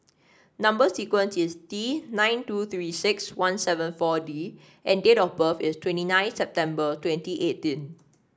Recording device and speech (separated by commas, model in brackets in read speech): standing microphone (AKG C214), read sentence